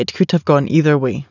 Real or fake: real